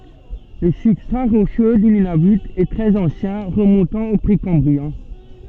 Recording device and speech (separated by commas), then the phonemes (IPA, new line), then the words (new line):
soft in-ear microphone, read sentence
lə sybstʁa ʁoʃø dy nynavy ɛ tʁɛz ɑ̃sjɛ̃ ʁəmɔ̃tɑ̃ o pʁekɑ̃bʁiɛ̃
Le substrat rocheux du Nunavut est très ancien, remontant au précambrien.